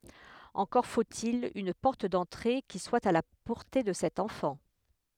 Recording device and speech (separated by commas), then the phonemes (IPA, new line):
headset microphone, read sentence
ɑ̃kɔʁ fot il yn pɔʁt dɑ̃tʁe ki swa a la pɔʁte də sɛt ɑ̃fɑ̃